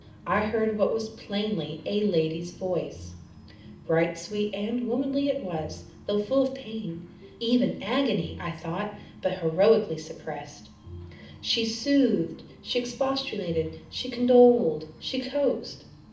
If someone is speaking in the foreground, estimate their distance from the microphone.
2.0 m.